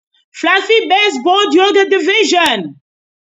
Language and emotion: English, neutral